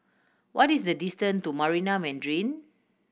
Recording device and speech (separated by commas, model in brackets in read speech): boundary microphone (BM630), read sentence